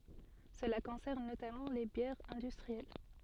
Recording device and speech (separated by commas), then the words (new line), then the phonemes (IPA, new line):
soft in-ear microphone, read sentence
Cela concerne notamment les bières industrielles.
səla kɔ̃sɛʁn notamɑ̃ le bjɛʁz ɛ̃dystʁiɛl